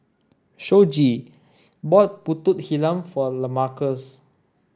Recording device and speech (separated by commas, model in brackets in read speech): standing microphone (AKG C214), read sentence